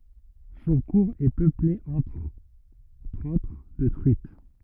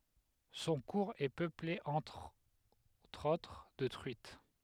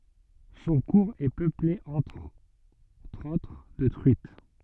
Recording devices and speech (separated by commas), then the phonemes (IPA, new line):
rigid in-ear microphone, headset microphone, soft in-ear microphone, read sentence
sɔ̃ kuʁz ɛ pøple ɑ̃tʁ otʁ də tʁyit